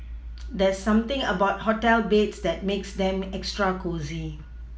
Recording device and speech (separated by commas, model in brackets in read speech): mobile phone (iPhone 6), read sentence